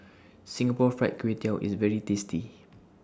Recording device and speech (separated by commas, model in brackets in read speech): standing microphone (AKG C214), read sentence